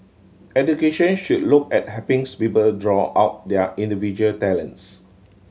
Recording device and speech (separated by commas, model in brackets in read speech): mobile phone (Samsung C7100), read sentence